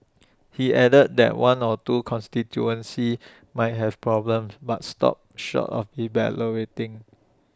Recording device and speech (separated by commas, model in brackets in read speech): standing microphone (AKG C214), read sentence